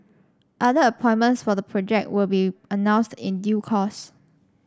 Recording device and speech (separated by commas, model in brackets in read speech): standing microphone (AKG C214), read sentence